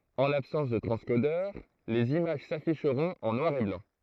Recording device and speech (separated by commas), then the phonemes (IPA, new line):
throat microphone, read sentence
ɑ̃ labsɑ̃s də tʁɑ̃skodœʁ lez imaʒ safiʃʁɔ̃t ɑ̃ nwaʁ e blɑ̃